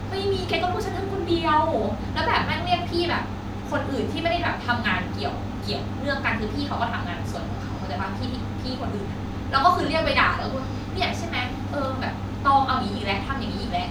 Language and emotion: Thai, frustrated